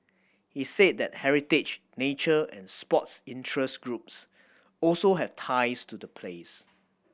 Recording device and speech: boundary microphone (BM630), read sentence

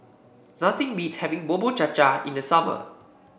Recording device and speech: boundary microphone (BM630), read sentence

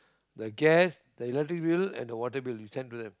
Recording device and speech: close-talking microphone, conversation in the same room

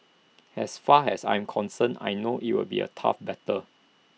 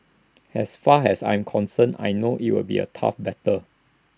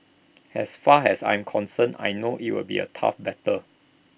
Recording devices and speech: mobile phone (iPhone 6), standing microphone (AKG C214), boundary microphone (BM630), read sentence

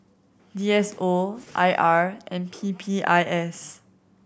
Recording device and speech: boundary microphone (BM630), read sentence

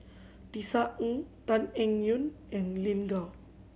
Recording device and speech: mobile phone (Samsung C7100), read sentence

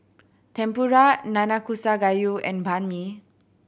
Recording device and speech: boundary microphone (BM630), read sentence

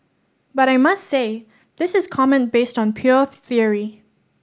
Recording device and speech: standing microphone (AKG C214), read sentence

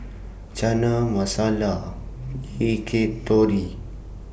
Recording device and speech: boundary microphone (BM630), read sentence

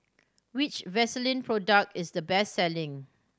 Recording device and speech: standing microphone (AKG C214), read sentence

